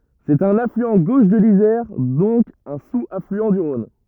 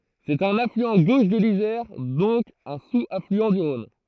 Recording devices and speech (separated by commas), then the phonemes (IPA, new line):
rigid in-ear microphone, throat microphone, read sentence
sɛt œ̃n aflyɑ̃ ɡoʃ də lizɛʁ dɔ̃k œ̃ suz aflyɑ̃ dy ʁɔ̃n